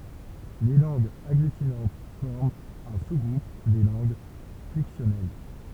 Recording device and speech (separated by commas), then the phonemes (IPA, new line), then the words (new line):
temple vibration pickup, read sentence
le lɑ̃ɡz aɡlytinɑ̃t fɔʁmt œ̃ su ɡʁup de lɑ̃ɡ flɛksjɔnɛl
Les langues agglutinantes forment un sous-groupe des langues flexionnelles.